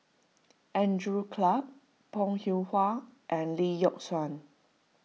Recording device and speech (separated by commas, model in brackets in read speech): mobile phone (iPhone 6), read sentence